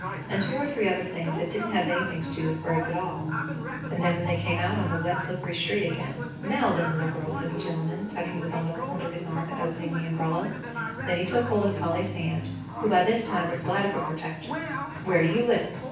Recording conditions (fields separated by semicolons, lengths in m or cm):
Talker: one person; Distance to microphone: 9.8 m; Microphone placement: far; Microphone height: 1.8 m; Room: large; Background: television